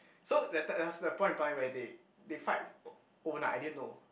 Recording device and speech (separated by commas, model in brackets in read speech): boundary microphone, conversation in the same room